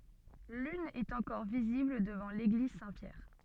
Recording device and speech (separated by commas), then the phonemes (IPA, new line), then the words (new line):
soft in-ear microphone, read sentence
lyn ɛt ɑ̃kɔʁ vizibl dəvɑ̃ leɡliz sɛ̃tpjɛʁ
L'une est encore visible devant l'église Saint-Pierre.